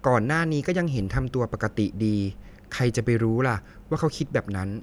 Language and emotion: Thai, neutral